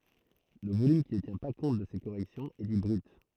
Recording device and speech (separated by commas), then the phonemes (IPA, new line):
throat microphone, read sentence
lə volym ki nə tjɛ̃ pa kɔ̃t də se koʁɛksjɔ̃z ɛ di bʁyt